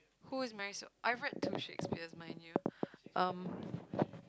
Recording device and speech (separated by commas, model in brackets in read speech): close-talking microphone, conversation in the same room